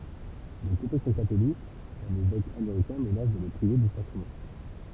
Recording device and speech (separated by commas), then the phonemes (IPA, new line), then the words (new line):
temple vibration pickup, read sentence
də kɔ̃fɛsjɔ̃ katolik œ̃n evɛk ameʁikɛ̃ mənas də lə pʁive de sakʁəmɑ̃
De confession catholique, un évêque américain menace de le priver des sacrements.